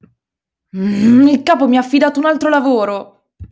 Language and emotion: Italian, angry